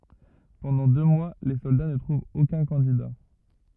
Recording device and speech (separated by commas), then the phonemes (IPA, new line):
rigid in-ear microphone, read sentence
pɑ̃dɑ̃ dø mwa le sɔlda nə tʁuvt okœ̃ kɑ̃dida